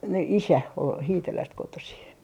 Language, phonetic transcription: Finnish, n - n- , "isä ol 'Hiiteläst 'kotosi .
- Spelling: - - isä oli Hiitelästä kotoisin

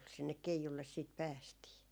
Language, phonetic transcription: Finnish, sinnek "keijulles siit 'päästii .
- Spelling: sinne keijulle sitten päästiin

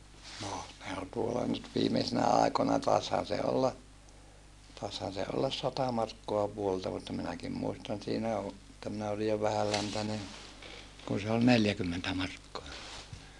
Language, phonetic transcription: Finnish, noh , ne ol tuolla nyt viimesinä àikona taeshan̬ se olla , taishan̬ se ollas sata markkoa vuolta mutta minäkim muistan siinä o , [et]tä minä oli jo vähäläntäne , kun se ol neljäkymmentä markkoa .
- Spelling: no ne oli tuolla nyt viimeisinä aikoina taisihan se olla taisihan se olla sata markkaa vuodelta mutta minäkin muistan siinä - että minä olin jo vähänläntäinen kun se oli neljäkymmentä markkaa

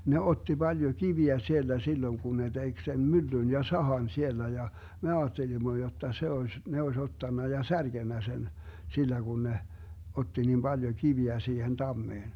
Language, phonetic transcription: Finnish, ne 'otti 'Baljo 'kiviä 'sielDä silloⁱŋ kun ne 'tek sen "myllyn ja "sahan 'siellä ja , me 'aattelimmo jotta se 'oes , 'ne oes 'ottanna ja "särGennä 'sen , 'sillä Gun 'ne , 'otti nim 'Baljo "kiviä 'siihen 'tammeen .
- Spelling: ne otti paljon kiviä sieltä silloin kun ne teki sen myllyn ja sahan siellä ja me ajattelimme jotta se olisi ne olisi ottanut ja särkenyt sen sillä kun ne otti niin paljon kiviä siihen tammeen

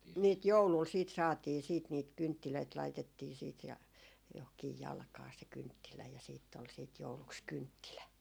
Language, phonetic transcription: Finnish, niit "joulùl siit 'saatii siit niit 'kynttilöit 'laitettii siit ja , johkiij "jalkaa se 'kynttilä ja siitt ‿ol siit 'jouluks "kynttilä .
- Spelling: niitä joululla sitten saatiin sitten niitä kynttilöitä laitettiin sitten ja johonkin jalkaan se kynttilä ja sitten oli sitten jouluksi kynttilä

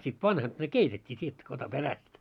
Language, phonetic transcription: Finnish, sit 'vanhat ne "keitet́t́ii t́ietty kata 'peräst .
- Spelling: sitten vanhat ne keitettiin tietty katsohan perästä

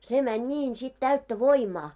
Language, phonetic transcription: Finnish, se mäń 'ńiin sit täyttä "voimaa .
- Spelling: se meni niin sitten täyttä voimaa

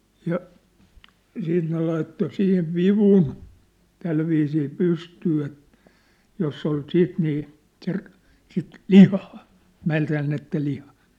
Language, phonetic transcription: Finnish, ja , siit ne laitto sihiv 'vivun , 'tälviisii 'pystyy et , 'joss ‿ol 'siit nii , ser- , sit , "lihaa , 'määntäännettä lihaa .
- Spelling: ja sitten ne laittoi siihen vivun tällä viisiin pystyyn että jossa oli sitten niin - sitä lihaa mädäntynyttä lihaa

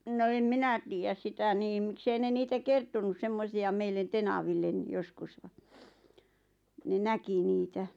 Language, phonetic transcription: Finnish, no em "minä tiijäs 'sitä 'niim 'mⁱksei ne 'niitä "kertonus "semmosi₍a 'meillen "tenavillen 'joskus ᴠᴀ , ne "näki 'niitä .
- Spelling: no en minä tiedä sitä niin miksi ei ne niitä kertonut semmoisia meille tenaville joskus vaan ne näki niitä

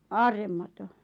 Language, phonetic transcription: Finnish, 'aarremmato ,...
- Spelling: aarremato

